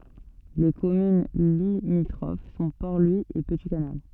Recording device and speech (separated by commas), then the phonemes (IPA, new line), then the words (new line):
soft in-ear microphone, read sentence
le kɔmyn limitʁof sɔ̃ pɔʁ lwi e pəti kanal
Les communes limitrophes sont Port-Louis et Petit-Canal.